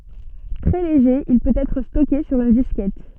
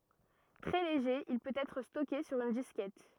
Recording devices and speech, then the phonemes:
soft in-ear microphone, rigid in-ear microphone, read sentence
tʁɛ leʒe il pøt ɛtʁ stɔke syʁ yn diskɛt

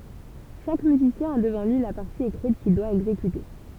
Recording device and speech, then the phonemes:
temple vibration pickup, read sentence
ʃak myzisjɛ̃ a dəvɑ̃ lyi la paʁti ekʁit kil dwa ɛɡzekyte

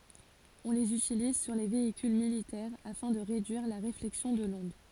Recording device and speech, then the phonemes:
forehead accelerometer, read sentence
ɔ̃ lez ytiliz syʁ le veikyl militɛʁ afɛ̃ də ʁedyiʁ la ʁeflɛksjɔ̃ də lɔ̃d

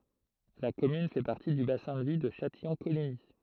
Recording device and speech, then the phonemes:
throat microphone, read sentence
la kɔmyn fɛ paʁti dy basɛ̃ də vi də ʃatijɔ̃koliɲi

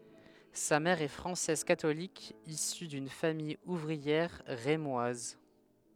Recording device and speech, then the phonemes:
headset microphone, read sentence
sa mɛʁ ɛ fʁɑ̃sɛz katolik isy dyn famij uvʁiɛʁ ʁemwaz

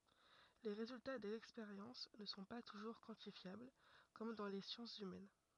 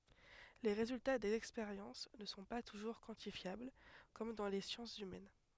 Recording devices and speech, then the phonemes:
rigid in-ear microphone, headset microphone, read sentence
le ʁezylta dez ɛkspeʁjɑ̃s nə sɔ̃ pa tuʒuʁ kwɑ̃tifjabl kɔm dɑ̃ le sjɑ̃sz ymɛn

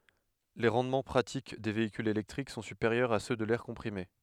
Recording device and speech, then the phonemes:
headset microphone, read sentence
le ʁɑ̃dmɑ̃ pʁatik de veikylz elɛktʁik sɔ̃ sypeʁjœʁz a sø də lɛʁ kɔ̃pʁime

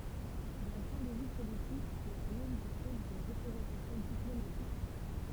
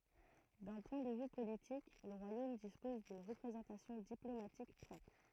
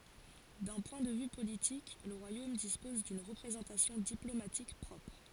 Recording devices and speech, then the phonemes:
temple vibration pickup, throat microphone, forehead accelerometer, read sentence
dœ̃ pwɛ̃ də vy politik lə ʁwajom dispɔz dyn ʁəpʁezɑ̃tasjɔ̃ diplomatik pʁɔpʁ

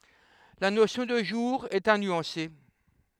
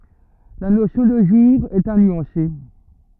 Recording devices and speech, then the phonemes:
headset microphone, rigid in-ear microphone, read sentence
la nosjɔ̃ də ʒuʁ ɛt a nyɑ̃se

